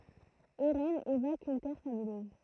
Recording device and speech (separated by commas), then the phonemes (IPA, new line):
throat microphone, read sentence
eʁɛnz evok yn tɛʁ sabløz